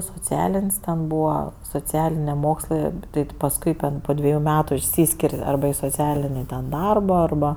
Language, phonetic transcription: Lithuanian, soˈcialin's' ten ˈbūva soˈcialinė ˈmokslɜ ˈtai ti pasˈkui ten po ˈdveju ˈmetu išˈsyskir' ˈarba i soˈcialini ˈdarba arˈba

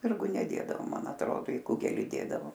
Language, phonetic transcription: Lithuanian, ˈspirgu neˈdėdavo ˈman atˈrodo i ˈkugeli ˈdėdavo

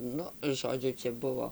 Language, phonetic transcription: Lithuanian, ˈnu ˈžodžiu ˈčia ˈbuvo

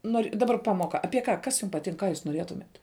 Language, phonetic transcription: Lithuanian, ˈnor' daˈbar ˈpamoka ˈapie ˈka ˈkas jūm paˈtink ˈką jūs noˈrietumet

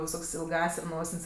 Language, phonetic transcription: Lithuanian, viˈsok's' ilˈgąs' ˈnosin's'

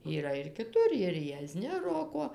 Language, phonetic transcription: Lithuanian, yˈra ir kiˈtur ir jieˈzni ˈroko

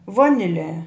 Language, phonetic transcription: Lithuanian, ˈvoniˌle

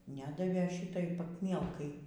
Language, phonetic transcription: Lithuanian, ˈnedavėˈšitai pakˈmielkai

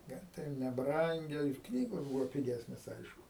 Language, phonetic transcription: Lithuanian, ˈne tai ˈjau neˈbrangia ir ˈknygos ˈbūvo piˈgesnės ˈaišku

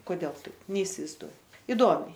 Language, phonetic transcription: Lithuanian, koˈdel ˈtaip neisivaizˈduoj iˈdomiai

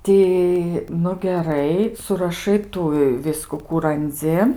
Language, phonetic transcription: Lithuanian, ˈti nu geˈrai suraˈšai ˈtų i ˈvisku ˈkų ranˈdzi

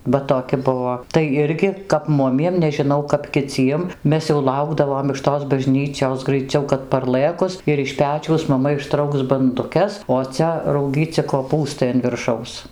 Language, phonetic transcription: Lithuanian, ˈva toˈki ˈbuvo ˈtai ˈirgi kap ˈmumiem nežiˈnau kap kiˈciem ˈmes jau ˈlaukdavom iš tos baˈžnyčios graiˈciau kad parˈlɘkus ir iš ˈpečiaus maˈma išˈtrauks banduˈkes o ˈcia rauˈgyci koˈpūstai an virˈšaus

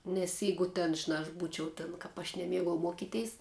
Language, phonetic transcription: Lithuanian, nes ˈjeigu ten žiˈnā aš ˈbūčiau tin ˈkap aš neˈmiegau ˈmuokiteis

